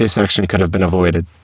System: VC, spectral filtering